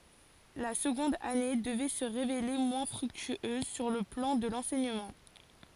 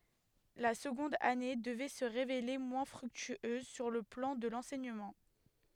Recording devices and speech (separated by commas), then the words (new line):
forehead accelerometer, headset microphone, read sentence
La seconde année devait se révéler moins fructueuse sur le plan de l’enseignement.